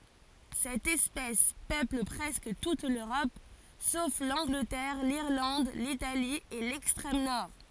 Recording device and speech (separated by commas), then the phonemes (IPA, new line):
forehead accelerometer, read sentence
sɛt ɛspɛs pøpl pʁɛskə tut løʁɔp sof lɑ̃ɡlətɛʁ liʁlɑ̃d litali e lɛkstʁɛm nɔʁ